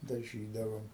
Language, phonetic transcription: Lithuanian, daˈžydavom

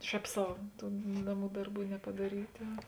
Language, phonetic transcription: Lithuanian, ˈšēp ˈsau ˈtų ˈnaˌmų ˈdarˌbų nepadaˈryta

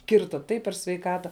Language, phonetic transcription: Lithuanian, ˈkirta ˈtaip per sveiˈkata

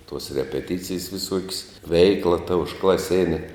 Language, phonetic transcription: Lithuanian, tuos repeˈticijs viˈsuok's' ˈveikla ta užklaˈsėne

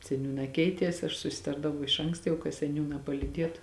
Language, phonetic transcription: Lithuanian, seˈniūnā ˈkeities ašˈ susiˈtardavau iš ˈanksta ka seˈniūnā palyˈdietu

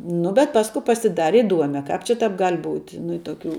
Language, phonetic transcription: Lithuanian, ˈnu bet ˈpasku pasiˈdare iˈduome ˈkāp čia ˈtāp ˈgal' ˈbūt' ˈnu i tuoˈkių

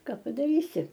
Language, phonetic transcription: Lithuanian, ˈka padaˈrysi

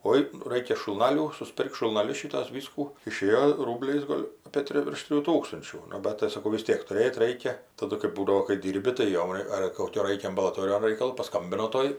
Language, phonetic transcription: Lithuanian, ˈoi ˈraikia šulˈnalių susˈpirk šulnaˈlius ˈšytuos ˈvyskų iˈšėjo ˈrūbliais ˈgol' apė ˈtri virš ˈtrijų ˈtūkstunčių nu ˈbat tai saˈkau vis ˈtiek tuˈrėt ˈraikia taˈdu kɜp ˈbūdavo kai ˈdyrbi tai ˈjom ar koˈkio ˈraikia ambalaˈtorijon ˈraikalo paˈskambino ˈtoj

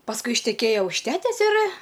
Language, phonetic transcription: Lithuanian, pasˈkui išteˈkėja už ˈtetes ir

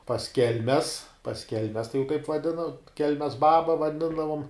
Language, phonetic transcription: Lithuanian, pas ˈkelmes pas ˈkelmes tai jau kaip vaˈdino ˈkelmes ˈbaba vaˈdindavom

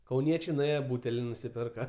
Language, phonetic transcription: Lithuanian, kauˈniečiai nuˈėje ˈbūteli nusiˈpirka

